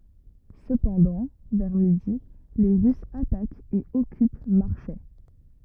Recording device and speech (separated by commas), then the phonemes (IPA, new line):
rigid in-ear microphone, read sentence
səpɑ̃dɑ̃ vɛʁ midi le ʁysz atakt e ɔkyp maʁʃɛ